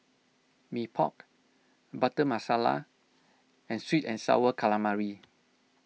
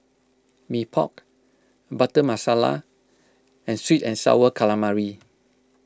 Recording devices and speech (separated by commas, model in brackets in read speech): mobile phone (iPhone 6), close-talking microphone (WH20), read sentence